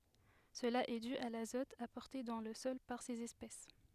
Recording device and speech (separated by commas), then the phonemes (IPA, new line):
headset microphone, read sentence
səla ɛ dy a lazɔt apɔʁte dɑ̃ lə sɔl paʁ sez ɛspɛs